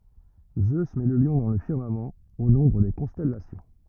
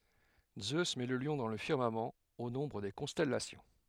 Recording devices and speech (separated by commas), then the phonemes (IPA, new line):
rigid in-ear microphone, headset microphone, read sentence
zø mɛ lə ljɔ̃ dɑ̃ lə fiʁmamɑ̃ o nɔ̃bʁ de kɔ̃stɛlasjɔ̃